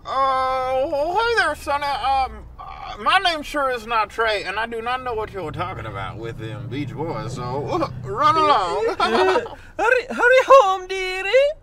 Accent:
Southern Accent